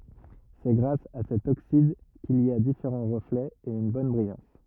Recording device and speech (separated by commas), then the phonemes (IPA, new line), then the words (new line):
rigid in-ear microphone, read sentence
sɛ ɡʁas a sɛt oksid kil i a difeʁɑ̃ ʁəflɛz e yn bɔn bʁijɑ̃s
C'est grâce à cet oxyde qu'il y a différents reflets et une bonne brillance.